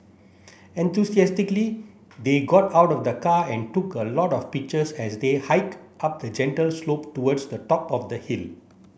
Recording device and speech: boundary microphone (BM630), read sentence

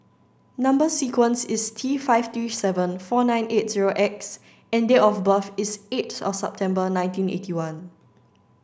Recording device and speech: standing microphone (AKG C214), read sentence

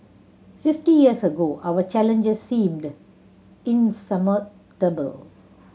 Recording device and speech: mobile phone (Samsung C7100), read sentence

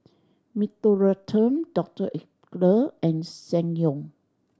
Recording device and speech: standing microphone (AKG C214), read sentence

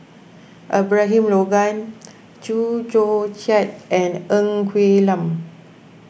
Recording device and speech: boundary microphone (BM630), read sentence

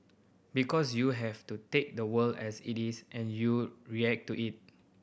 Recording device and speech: boundary microphone (BM630), read sentence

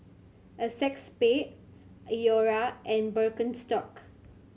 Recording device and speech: mobile phone (Samsung C7100), read sentence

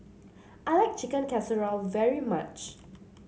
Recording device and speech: mobile phone (Samsung C7), read sentence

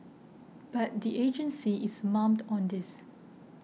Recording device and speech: mobile phone (iPhone 6), read sentence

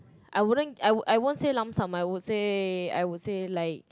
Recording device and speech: close-talking microphone, conversation in the same room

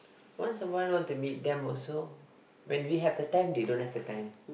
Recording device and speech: boundary microphone, conversation in the same room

